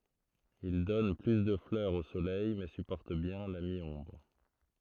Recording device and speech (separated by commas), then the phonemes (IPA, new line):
throat microphone, read sentence
il dɔn ply də flœʁz o solɛj mɛ sypɔʁt bjɛ̃ la mi ɔ̃bʁ